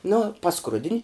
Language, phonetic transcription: Lithuanian, nu paˈskrudin'

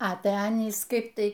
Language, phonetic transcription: Lithuanian, a ˈtæ ˈanys ˈkaip ˈtai

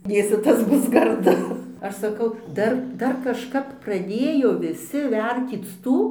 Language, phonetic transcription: Lithuanian, ˈdėsi ˈtas ˈbus garˈdu ˈaš saˈkau ˈdar ˈdar kažˈkap praˈdėjo viˈsi ˈvertyc ˈtų

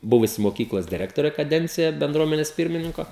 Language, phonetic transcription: Lithuanian, ˈbuvusi moˈkyklos diˈrektorė kaˈdencija benˈdruomenes ˈpirmininko

